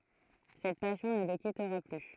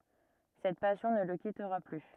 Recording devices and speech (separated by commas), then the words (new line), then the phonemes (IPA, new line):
throat microphone, rigid in-ear microphone, read sentence
Cette passion ne le quittera plus.
sɛt pasjɔ̃ nə lə kitʁa ply